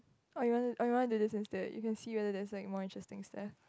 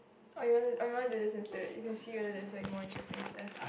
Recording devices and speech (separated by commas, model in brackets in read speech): close-talking microphone, boundary microphone, conversation in the same room